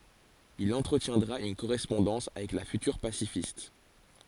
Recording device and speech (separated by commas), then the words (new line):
forehead accelerometer, read sentence
Il entretiendra une correspondance avec la future pacifiste.